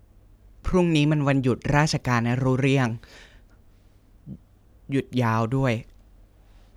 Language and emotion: Thai, neutral